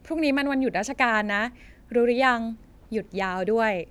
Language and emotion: Thai, neutral